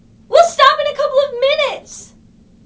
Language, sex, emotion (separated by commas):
English, female, angry